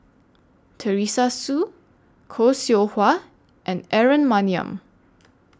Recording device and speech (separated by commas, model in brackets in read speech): standing microphone (AKG C214), read sentence